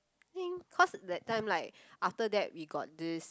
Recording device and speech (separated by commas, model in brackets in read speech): close-talking microphone, conversation in the same room